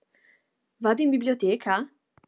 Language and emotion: Italian, surprised